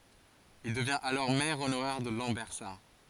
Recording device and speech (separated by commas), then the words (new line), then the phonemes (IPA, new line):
forehead accelerometer, read sentence
Il devient alors maire honoraire de Lambersart.
il dəvjɛ̃t alɔʁ mɛʁ onoʁɛʁ də lɑ̃bɛʁsaʁ